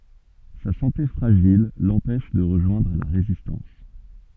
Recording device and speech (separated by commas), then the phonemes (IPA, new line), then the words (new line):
soft in-ear microphone, read sentence
sa sɑ̃te fʁaʒil lɑ̃pɛʃ də ʁəʒwɛ̃dʁ la ʁezistɑ̃s
Sa santé fragile l'empêche de rejoindre la Résistance.